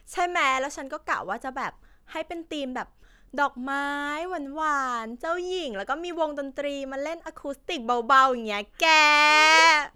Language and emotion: Thai, happy